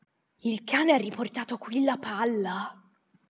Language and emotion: Italian, surprised